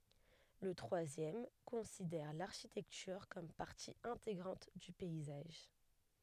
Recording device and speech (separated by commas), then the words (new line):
headset microphone, read sentence
Le troisième considère l’architecture comme partie intégrante du paysage.